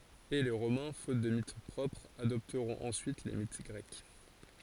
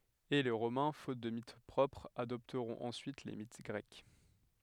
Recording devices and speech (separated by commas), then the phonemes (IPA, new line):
forehead accelerometer, headset microphone, read sentence
e le ʁomɛ̃ fot də mit pʁɔpʁz adɔptʁɔ̃t ɑ̃syit le mit ɡʁɛk